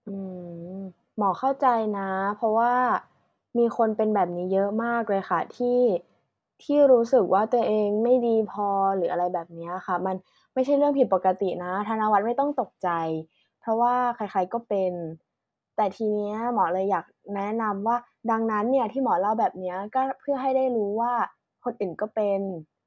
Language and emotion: Thai, neutral